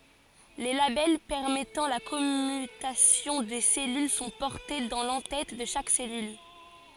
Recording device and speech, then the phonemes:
forehead accelerometer, read sentence
le labɛl pɛʁmɛtɑ̃ la kɔmytasjɔ̃ de sɛlyl sɔ̃ pɔʁte dɑ̃ lɑ̃ tɛt də ʃak sɛlyl

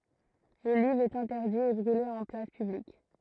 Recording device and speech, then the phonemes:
throat microphone, read sentence
lə livʁ ɛt ɛ̃tɛʁdi e bʁyle ɑ̃ plas pyblik

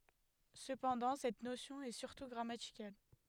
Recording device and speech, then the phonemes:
headset microphone, read sentence
səpɑ̃dɑ̃ sɛt nosjɔ̃ ɛ syʁtu ɡʁamatikal

